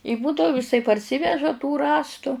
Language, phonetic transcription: Lithuanian, i ˈbūdau iˈsai parˈsyveža tų ˈrąstu

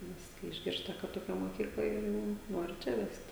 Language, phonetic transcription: Lithuanian, ˈnes kai išˈgirsta ka toˈkia moˈkykla ir ˈjau ˈnori ˈčia ˈvest

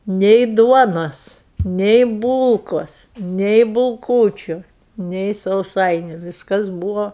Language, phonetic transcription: Lithuanian, nei ˈduonos nei ˈbūlkos nei bulˈkūčiu nei sauˈsainiu ˈvyskas ˈbūvo

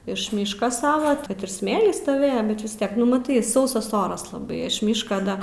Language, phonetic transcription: Lithuanian, iš ˈmyška ˈsava ˈtad ir ˈsmėly stoˈvėja bet vis ˈtiek nu maˈtai ˈsausas ˈoras laˈbai iš ˈmyška ˈda

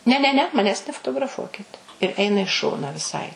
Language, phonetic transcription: Lithuanian, ne ne ˈne maˈnęs nefotograˈfuokit ir ˈeina i ˈšona viˈsai

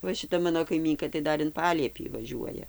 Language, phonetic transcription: Lithuanian, ˈva šiˈta ˈmano kaiˈmynka tai ˈdar in ˈpaliepį vaˈžiuoja

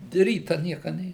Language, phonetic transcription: Lithuanian, ˈryta ˈnieka ˈnė

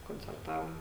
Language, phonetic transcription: Lithuanian, koncerˈtavom

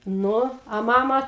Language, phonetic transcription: Lithuanian, ˈnu a ˈmama

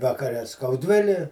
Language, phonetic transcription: Lithuanian, vakaˈre skauˈdvili

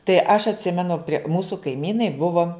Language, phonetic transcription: Lithuanian, tai aš atˈsimenu prie ˈmūsu kaiˈmynai ˈbuvo

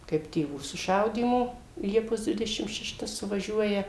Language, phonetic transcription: Lithuanian, kaip tėˈvų suˈšaudymo ˈliepos ˈdvidešim šeˈšta suvaˈžiuoja

